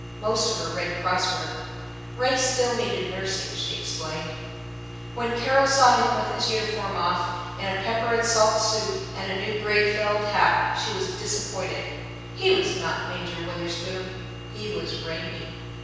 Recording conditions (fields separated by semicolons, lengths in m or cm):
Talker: one person; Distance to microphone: 7.1 m; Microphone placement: far; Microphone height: 1.7 m; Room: very reverberant, large; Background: none